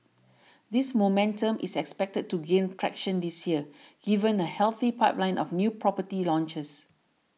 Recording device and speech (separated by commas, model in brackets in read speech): mobile phone (iPhone 6), read sentence